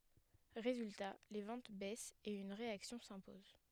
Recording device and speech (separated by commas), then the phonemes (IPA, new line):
headset microphone, read sentence
ʁezylta le vɑ̃t bɛst e yn ʁeaksjɔ̃ sɛ̃pɔz